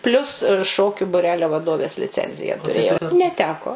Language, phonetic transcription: Lithuanian, ˈplius ˈšokiu buˈrelio vaˈdovės liˈcenziją tuˈrėjau neˈteko

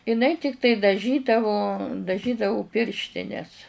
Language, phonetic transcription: Lithuanian, iˈnai ˈtiktai daˈžydavo daˈžydavu ˈpirštines

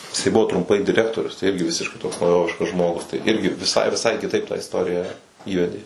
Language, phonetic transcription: Lithuanian, jiˈsai ˈbuvo trumˈpai diˈrektorius tai ˈirgi ˈvisiškai toks nauˈjoviškas ˈžmogus tai ˈirgi viˈsai viˈsai kiˈtaip tą isˈtorija ˈįvedė

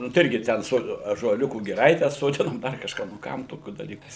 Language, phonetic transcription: Lithuanian, nu tai ˈirgi ˈten ˈso ąžuoˈliukų giˈraite soˈdinom ˈdar kažˈką nu ˈkam toˈkių daˈlykų

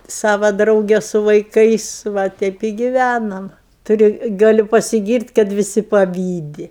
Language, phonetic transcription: Lithuanian, ˈsava ˈdrauge su vaiˈkais ˈva ˈteip i givænam tuˈriu ˈgaliu pasiˈgyrt' kad viˈsi paˈvydi

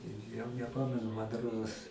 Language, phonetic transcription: Lithuanian, i jau neˈpamenu man ˈrodos

